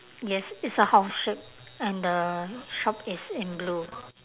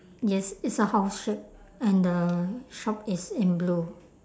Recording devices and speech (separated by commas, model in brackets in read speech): telephone, standing microphone, conversation in separate rooms